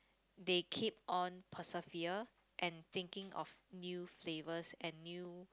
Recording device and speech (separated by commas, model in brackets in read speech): close-talking microphone, conversation in the same room